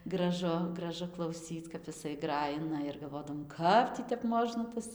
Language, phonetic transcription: Lithuanian, graˈžu graˈžu klauˈsyc kap jiˈsai ˈgrajina ir galˈvodavom ˈkap tį tep ˈmožna ˈtas

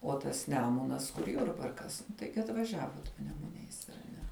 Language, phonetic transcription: Lithuanian, o tas ˈnemunas kur ˈjurbarkas nu ˈtaigi atvaˈžiavot panemuˈniais ar ˈne

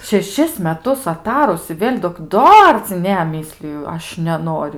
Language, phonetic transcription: Lithuanian, šeˈšis meˈtus aˈtarus i ˈvėl' dok ˈdar ci ˈne ˈmysliju ˈaš neˈnoriu

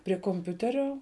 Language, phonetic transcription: Lithuanian, prie komˈpiuterio

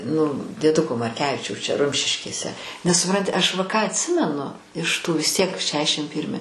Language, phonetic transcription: Lithuanian, nu dieˈduko marˈkevičiaus čia ˈrumšiškėse nes suˈpranti ˈaš va ˈką atˈsimenu iš ˈtų vis ˈtiek ˈšešim ˈpyrmi

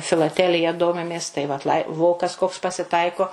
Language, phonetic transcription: Lithuanian, filaˈtelija ˈdomimės tai vat lai ˈvokas koks pasiˈtaiko

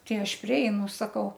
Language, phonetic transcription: Lithuanian, ˈtai ˈaš priˈeinu saˈkau

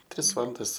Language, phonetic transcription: Lithuanian, ˈtris ˈvalandas

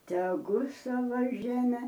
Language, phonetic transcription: Lithuanian, teˈgu ˈsava ˈžeme

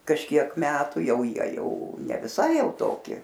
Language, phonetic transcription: Lithuanian, kažˈkiek ˈmetu ˈjau ˈjie ˈjau ne viˈsai ˈjau ˈtoki

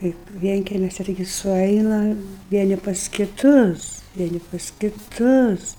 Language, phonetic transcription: Lithuanian, ˈkaip ˈvienkemiusi taiˈgi suˈaina ˈvieni pas kiˈtus ˈvieni pas kiˈtus

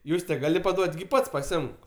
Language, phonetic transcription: Lithuanian, ˈjūste ˈgali paˈduot' gi ˈpats paˈsiimk

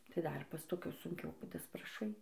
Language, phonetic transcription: Lithuanian, tai ˈdar pas toˈkius sunˈkiau daspraˈšai

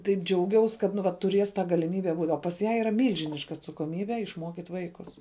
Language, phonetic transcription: Lithuanian, taip ˈdžiauˌgiaus kad nu ˈva tuˈrės tą galiˈmybe būt' o pas ˈją yˈra ˈmylžiniška atsakoˈmybe išˈmuokyt' ˈvaikus

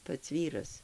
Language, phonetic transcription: Lithuanian, ˈpats ˈvyras

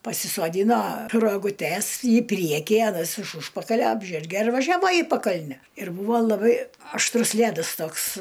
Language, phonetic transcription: Lithuanian, pasisoˈdyno roguˈtes į ˈpriekį aˈnas iš ˈužpakalia ˈapžerge ir važiaˈva į paˈkalne ir ˈbūva laˈbai ašˈtrus ˈlædas ˈtoks

